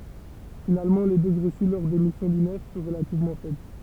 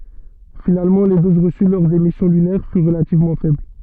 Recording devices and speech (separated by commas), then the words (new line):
temple vibration pickup, soft in-ear microphone, read sentence
Finalement, les doses reçues lors des missions lunaires furent relativement faibles.